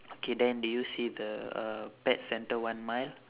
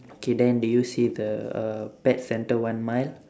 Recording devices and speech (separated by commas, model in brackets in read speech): telephone, standing microphone, conversation in separate rooms